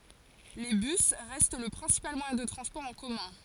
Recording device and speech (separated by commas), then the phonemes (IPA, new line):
forehead accelerometer, read sentence
le bys ʁɛst lə pʁɛ̃sipal mwajɛ̃ də tʁɑ̃spɔʁ ɑ̃ kɔmœ̃